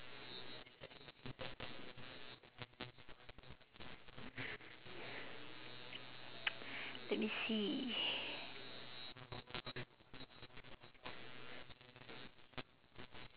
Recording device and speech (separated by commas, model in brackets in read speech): telephone, conversation in separate rooms